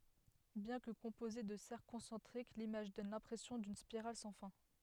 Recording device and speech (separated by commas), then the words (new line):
headset microphone, read sentence
Bien que composée de cercles concentriques, l'image donne l'impression d'une spirale sans fin.